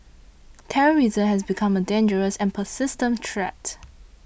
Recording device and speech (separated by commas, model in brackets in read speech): boundary microphone (BM630), read sentence